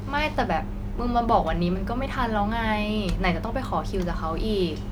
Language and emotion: Thai, frustrated